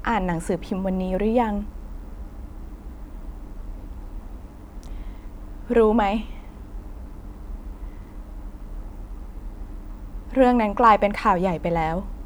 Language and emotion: Thai, sad